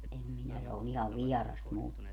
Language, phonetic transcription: Finnish, 'ʼem 'minä se on ‿ihav "viɛras 'mulle .
- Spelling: en minä se on ihan vieras minulle

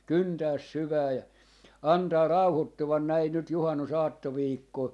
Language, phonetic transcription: Finnish, "kyntääs "syvää ja , 'antaa "rauhottuvan näi nyt 'juhannusaatto'viikkoo .
- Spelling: kyntää syvään ja antaa rauhoittua näin nyt juhannusaattoviikkoon

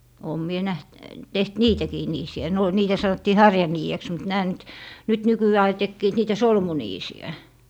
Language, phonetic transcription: Finnish, oom mie 'näht , 'teht "niitäkii 'niisi₍ä , ne o - niitä 'sanottii "harjanii₍eks mut 'nää nyt , 'nyt 'nyky₍ää ai 'tekkiit 'niitä "solmuniisi₍ä .
- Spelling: olen minä nähnyt tehnyt niitäkin niisiä ne - niitä sanottiin harjaniideksi mutta nämä nyt nyt nykyään aina tekivät niitä solmuniisiä

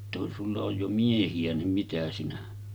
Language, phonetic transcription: Finnish, jotta » kun 'sulla oj jo 'miehi₍ä nim mitä sinä « .
- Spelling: jotta kun sinulla on jo miehiä niin mitä sinä

